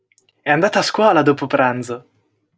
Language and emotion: Italian, happy